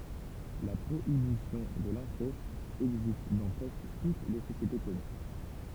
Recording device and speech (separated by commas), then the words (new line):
temple vibration pickup, read sentence
La prohibition de l'inceste existe dans presque toutes les sociétés connues.